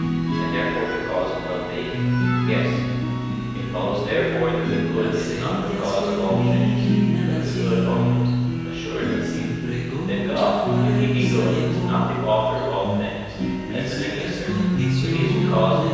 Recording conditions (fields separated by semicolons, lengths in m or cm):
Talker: one person; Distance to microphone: 7.1 m; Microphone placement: far; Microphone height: 1.7 m; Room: very reverberant, large; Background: music